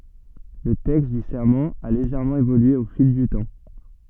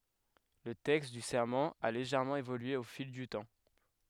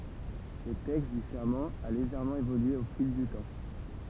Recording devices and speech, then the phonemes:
soft in-ear microphone, headset microphone, temple vibration pickup, read sentence
lə tɛkst dy sɛʁmɑ̃ a leʒɛʁmɑ̃ evolye o fil dy tɑ̃

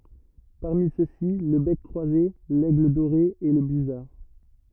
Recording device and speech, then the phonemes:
rigid in-ear microphone, read sentence
paʁmi søksi lə bɛk kʁwaze lɛɡl doʁe e lə byzaʁ

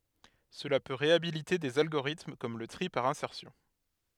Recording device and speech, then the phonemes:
headset microphone, read sentence
səla pø ʁeabilite dez alɡoʁitm kɔm lə tʁi paʁ ɛ̃sɛʁsjɔ̃

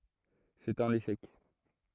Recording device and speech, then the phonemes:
throat microphone, read sentence
sɛt œ̃n eʃɛk

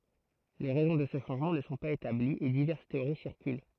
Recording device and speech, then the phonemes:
throat microphone, read sentence
le ʁɛzɔ̃ də sə ʃɑ̃ʒmɑ̃ nə sɔ̃ paz etabliz e divɛʁs teoʁi siʁkyl

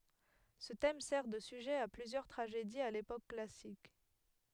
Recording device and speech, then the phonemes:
headset microphone, read sentence
sə tɛm sɛʁ də syʒɛ a plyzjœʁ tʁaʒediz a lepok klasik

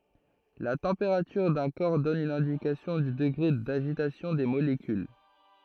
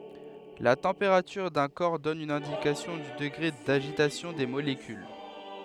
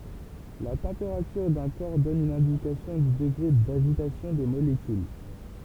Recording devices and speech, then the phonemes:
throat microphone, headset microphone, temple vibration pickup, read sentence
la tɑ̃peʁatyʁ dœ̃ kɔʁ dɔn yn ɛ̃dikasjɔ̃ dy dəɡʁe daʒitasjɔ̃ de molekyl

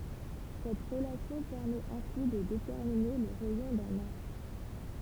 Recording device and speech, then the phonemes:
temple vibration pickup, read sentence
sɛt ʁəlasjɔ̃ pɛʁmɛt ɛ̃si də detɛʁmine lə ʁɛjɔ̃ dœ̃n astʁ

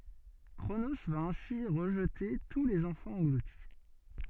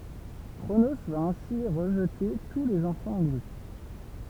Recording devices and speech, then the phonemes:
soft in-ear microphone, temple vibration pickup, read sentence
kʁono va ɛ̃si ʁəʒte tu lez ɑ̃fɑ̃z ɑ̃ɡluti

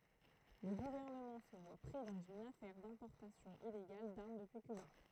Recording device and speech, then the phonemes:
throat microphone, read sentence
lə ɡuvɛʁnəmɑ̃ sə vwa pʁi dɑ̃z yn afɛʁ dɛ̃pɔʁtasjɔ̃ ileɡal daʁm dəpyi kyba

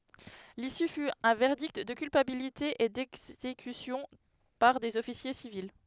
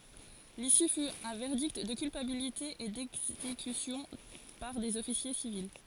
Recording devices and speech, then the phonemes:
headset microphone, forehead accelerometer, read sentence
lisy fy œ̃ vɛʁdikt də kylpabilite e dɛɡzekysjɔ̃ paʁ dez ɔfisje sivil

